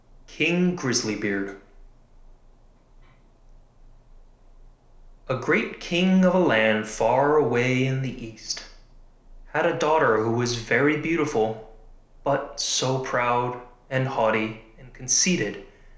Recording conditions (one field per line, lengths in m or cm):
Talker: one person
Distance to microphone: 1.0 m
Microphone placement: close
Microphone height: 1.1 m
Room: small (3.7 m by 2.7 m)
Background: none